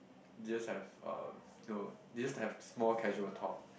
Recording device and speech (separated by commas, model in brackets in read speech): boundary microphone, conversation in the same room